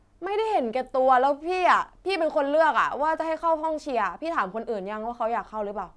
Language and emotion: Thai, frustrated